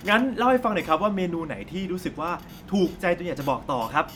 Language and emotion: Thai, happy